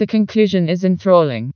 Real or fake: fake